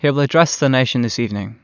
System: none